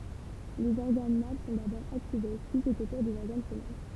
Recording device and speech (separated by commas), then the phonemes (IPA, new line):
temple vibration pickup, read sentence
lez ɔʁɡan mal sɔ̃ dabɔʁ aktive pyi sɛt o tuʁ dez ɔʁɡan fəmɛl